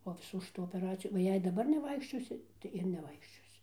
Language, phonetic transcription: Lithuanian, po iˈsų šiˈtų opeˈracijų o ˈjei daˈbar neˈvaikščiosi tai ir neˈvaikščiosi

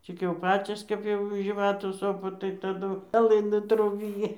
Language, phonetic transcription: Lithuanian, ˈcik jau ˈpacios ˈkap jau žyˈvatų ˈsopa tai taˈdu peˈlɨnų ˈtrūbiji

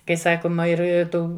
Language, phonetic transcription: Lithuanian, kai ˈsakoma ˈir i ˈtų

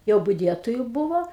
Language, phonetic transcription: Lithuanian, jau buˈdietoju ˈbuvo

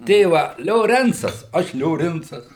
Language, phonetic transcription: Lithuanian, ˈtėva lioˈrencas ˈaš lioˈrincas

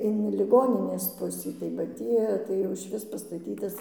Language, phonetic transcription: Lithuanian, in liˈgoninės ˈpusį tai ba ˈtį tai jau išˈvis pastaˈtytas

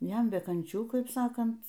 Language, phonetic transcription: Lithuanian, ˈjam be kanˈčių ˈkaip ˈsakant

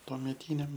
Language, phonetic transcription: Lithuanian, tuomeˈtyniam

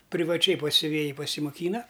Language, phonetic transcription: Lithuanian, privaˈčiai pas siuˈvėji pasimoˈkyna

